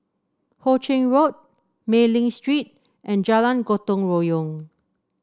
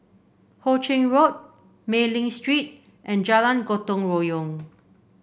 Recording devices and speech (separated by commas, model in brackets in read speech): standing microphone (AKG C214), boundary microphone (BM630), read sentence